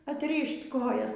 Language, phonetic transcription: Lithuanian, atˈryšt' ˈkojas

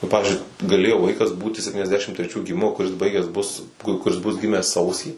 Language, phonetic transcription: Lithuanian, nu ˈpavizdžiui gaˈlėjo ˈvaikas ˈbūti septyniasˈdešim treˈčių giˈmimo kuˈris ˈbaigęs bus ˈkur kuˈris bus ˈgimęs ˈsausį

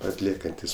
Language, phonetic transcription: Lithuanian, atˈliekantis

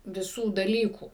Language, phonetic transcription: Lithuanian, viˈsų daˈlykų

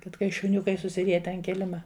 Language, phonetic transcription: Lithuanian, ˈkad kai šuˈniukai susiˈriete an ˈkilima

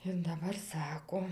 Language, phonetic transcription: Lithuanian, ir daˈbar ˈsako

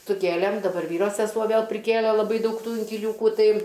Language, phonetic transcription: Lithuanian, suˈkėlėm daˈbar ˈvyro seˈsuo ˈvėl priˈkėle laˈbai ˈdaug ˈtų inkiliūkų ˈtai

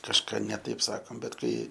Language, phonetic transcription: Lithuanian, kažˈką ne ˈtaip ˈsakom bet ˈkai

